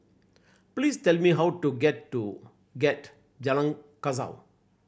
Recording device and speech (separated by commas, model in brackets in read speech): boundary microphone (BM630), read sentence